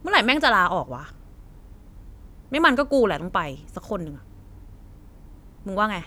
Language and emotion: Thai, angry